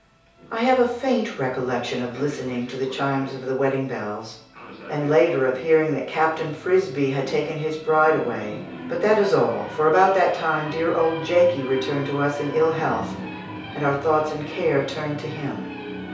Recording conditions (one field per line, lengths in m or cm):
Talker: one person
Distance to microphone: 3.0 m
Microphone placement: far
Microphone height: 1.8 m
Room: small (3.7 m by 2.7 m)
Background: television